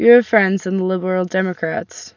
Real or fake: real